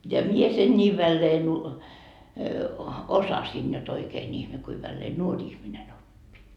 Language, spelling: Finnish, ja minä sen niin väleen - osasin jotta oikein ihme kuinka väleen nuori ihminen oppi
- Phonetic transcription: ja 'mie sen 'ńii 'välleen ‿u- , "osasin jot 'oikeen ihme kui 'vällee "nuoŕ ‿ihmine'n ‿oppi .

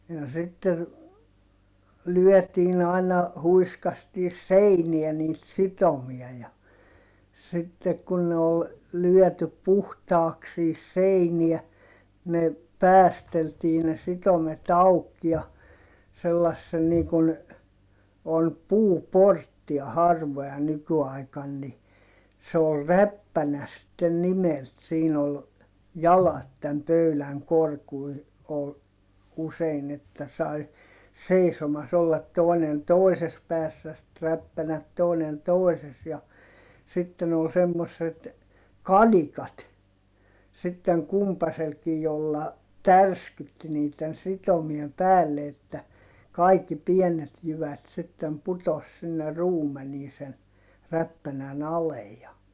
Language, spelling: Finnish, ja sitten lyötiin aina huiskastiin seinään niitä sitomia ja sitten kun ne oli lyöty puhtaaksi siihen seinään ne päästeltiin ne sitomet auki ja sellaisen niin kun on puuporttia harvoja nykyaikana niin se oli räppänä sitten nimeltään siinä oli jalat tämän pöydän korkuinen oli usein että sai seisomassa olla toinen toisessa päässä sitten räppänät toinen toisessa ja sitten oli semmoiset kalikat sitten kumpaisellakin jolla tärskytti niiden sitomien päälle että kaikki pienet jyvät sitten putosi sinne ruumeniin sen räppänän alle ja
- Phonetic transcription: ja sitter , lyɔ̈̀tiin ‿aiǹa , huiskastiis̆ seiniɛ niit sitomia ja , sittek kun ne ol , lyɔ̈̀typ̆ puhtaaks sihis seiniä , ne , päästeltii ne sitomet ‿auk ja , sellassen nii kun , on puuporttia harvoja nyky₍aikan ni , se ol räppänä sitten nimelt siin ‿ol , jalat täm pöyläŋ korkui , ol , usein ‿että sai , seisomas ‿ollat tòi̮nen tòises päässä sit räppänät tòinen tòises ja , sitten ‿ol semmosset , kalikat , sitteŋ kumpaselkij jolla , tärskytti niitten sitomiem päälle että , kaikki pienet jyvät sittem putos sinne ruumenii sen , räppänän ‿alej ja ,.

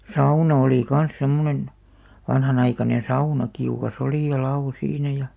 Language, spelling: Finnish, sauna oli kanssa semmoinen vanhanaikainen sauna kiuas oli ja lavo siinä ja
- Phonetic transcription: sauna olì kan̬s 'semmonen , 'vanhanaikanen̬ "sauna 'kiuka's ‿olì ja 'la₍o siinä ja ,.

